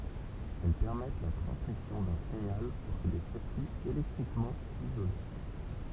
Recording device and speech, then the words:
temple vibration pickup, read sentence
Elles permettent la transmission d'un signal entre des circuits électriquement isolés.

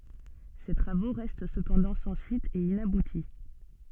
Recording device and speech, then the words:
soft in-ear microphone, read sentence
Ses travaux restent cependant sans suite et inaboutis.

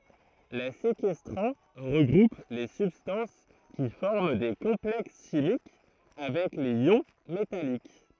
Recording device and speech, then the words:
throat microphone, read sentence
Les séquestrants regroupent les substances qui forment des complexes chimiques avec les ions métalliques.

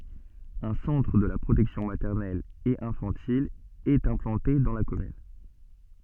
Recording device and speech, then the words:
soft in-ear microphone, read sentence
Un centre de la protection maternelle et infantile est implanté dans la commune.

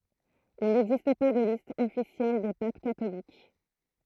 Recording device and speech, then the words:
throat microphone, read sentence
Il n’existe pas de liste officielle des papes catholiques.

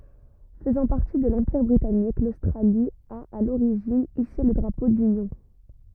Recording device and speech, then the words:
rigid in-ear microphone, read sentence
Faisant partie de l'Empire britannique, l'Australie a, à l'origine, hissé le Drapeau d'Union.

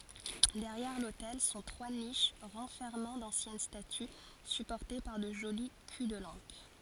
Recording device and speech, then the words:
forehead accelerometer, read sentence
Derrière l’autel sont trois niches renfermant d’anciennes statues supportées par de jolis culs-de-lampes.

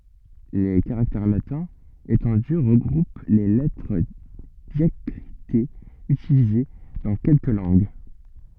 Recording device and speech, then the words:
soft in-ear microphone, read sentence
Les caractères latins étendus regroupent les lettres diacritées utilisées dans quelques langues.

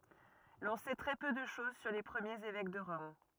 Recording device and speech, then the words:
rigid in-ear microphone, read sentence
L'on sait très peu de chose sur les premiers évêques de Rome.

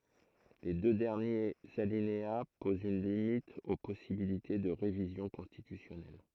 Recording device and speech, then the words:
throat microphone, read sentence
Les deux derniers alinéas posent une limite aux possibilités de révision constitutionnelle.

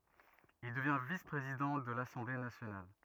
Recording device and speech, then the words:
rigid in-ear microphone, read sentence
Il devient vice-président de l'Assemblée nationale.

